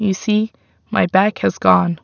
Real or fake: real